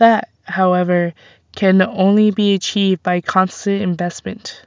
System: none